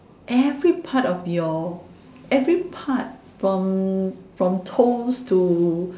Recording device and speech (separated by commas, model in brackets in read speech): standing microphone, conversation in separate rooms